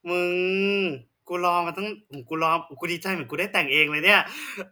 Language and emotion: Thai, happy